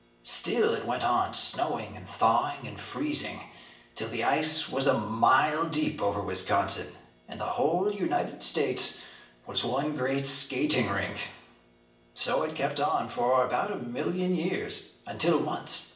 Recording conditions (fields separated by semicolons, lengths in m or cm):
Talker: one person; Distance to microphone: 1.8 m; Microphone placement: close; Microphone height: 1.0 m; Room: large; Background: none